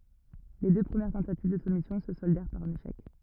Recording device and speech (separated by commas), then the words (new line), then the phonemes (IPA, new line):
rigid in-ear microphone, read sentence
Les deux premières tentatives de soumission se soldèrent par un échec.
le dø pʁəmjɛʁ tɑ̃tativ də sumisjɔ̃ sə sɔldɛʁ paʁ œ̃n eʃɛk